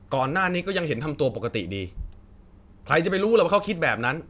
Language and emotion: Thai, angry